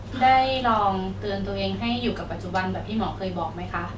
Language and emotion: Thai, neutral